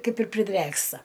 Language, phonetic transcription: Lithuanian, ˈkaip ir priˈdrėksta

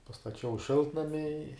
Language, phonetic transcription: Lithuanian, pastaˈčiau ˈšiltnami i

